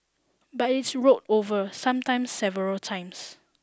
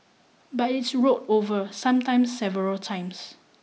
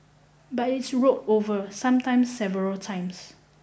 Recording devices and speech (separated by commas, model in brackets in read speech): standing microphone (AKG C214), mobile phone (iPhone 6), boundary microphone (BM630), read sentence